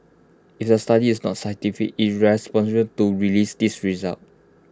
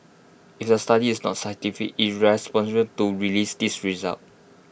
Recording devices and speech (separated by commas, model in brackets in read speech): close-talking microphone (WH20), boundary microphone (BM630), read sentence